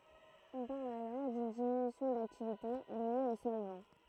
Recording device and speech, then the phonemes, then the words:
throat microphone, read sentence
ɔ̃ paʁl alɔʁ dyn diminysjɔ̃ daktivite lje o sɔlvɑ̃
On parle alors d'une diminution d'activité liée au solvant.

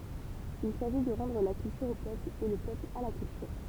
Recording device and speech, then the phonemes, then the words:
temple vibration pickup, read sentence
il saʒi də ʁɑ̃dʁ la kyltyʁ o pøpl e lə pøpl a la kyltyʁ
Il s’agit de “rendre la culture au peuple et le peuple à la culture”.

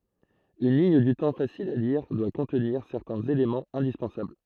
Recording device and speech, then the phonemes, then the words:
throat microphone, read sentence
yn liɲ dy tɑ̃ fasil a liʁ dwa kɔ̃tniʁ sɛʁtɛ̃z elemɑ̃z ɛ̃dispɑ̃sabl
Une ligne du temps facile à lire doit contenir certains éléments indispensables.

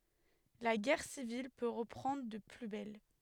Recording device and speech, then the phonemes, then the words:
headset microphone, read sentence
la ɡɛʁ sivil pø ʁəpʁɑ̃dʁ də ply bɛl
La guerre civile peut reprendre de plus belle.

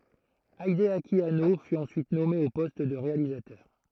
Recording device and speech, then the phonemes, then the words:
throat microphone, read sentence
ideaki ano fy ɑ̃syit nɔme o pɔst də ʁealizatœʁ
Hideaki Anno fut ensuite nommé au poste de réalisateur.

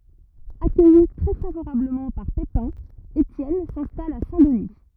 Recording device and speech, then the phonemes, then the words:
rigid in-ear microphone, read sentence
akœji tʁɛ favoʁabləmɑ̃ paʁ pepɛ̃ etjɛn sɛ̃stal a sɛ̃ dəni
Accueilli très favorablement par Pépin, Étienne s'installe à Saint-Denis.

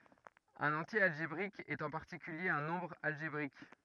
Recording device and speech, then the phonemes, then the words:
rigid in-ear microphone, read sentence
œ̃n ɑ̃tje alʒebʁik ɛt ɑ̃ paʁtikylje œ̃ nɔ̃bʁ alʒebʁik
Un entier algébrique est en particulier un nombre algébrique.

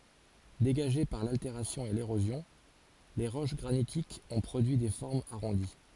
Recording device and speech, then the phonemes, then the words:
forehead accelerometer, read sentence
deɡaʒe paʁ lalteʁasjɔ̃ e leʁozjɔ̃l ʁoʃ ɡʁanitikz ɔ̃ pʁodyi de fɔʁmz aʁɔ̃di
Dégagées par l'altération et l'érosion,les roches granitiques ont produit des formes arrondies.

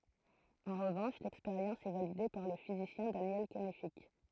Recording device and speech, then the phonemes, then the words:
throat microphone, read sentence
ɑ̃ ʁəvɑ̃ʃ lɛkspeʁjɑ̃s ɛ valide paʁ lə fizisjɛ̃ danjɛl kɛnfik
En revanche, l'expérience est validée par le physicien Daniel Kennefick.

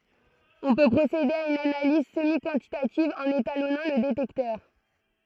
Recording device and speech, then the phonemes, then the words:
throat microphone, read sentence
ɔ̃ pø pʁosede a yn analiz səmikɑ̃titativ ɑ̃n etalɔnɑ̃ lə detɛktœʁ
On peut procéder à une analyse semi-quantitative en étalonnant le détecteur.

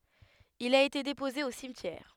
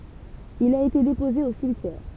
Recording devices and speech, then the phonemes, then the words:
headset microphone, temple vibration pickup, read sentence
il a ete depoze o simtjɛʁ
Il a été déposé au cimetière.

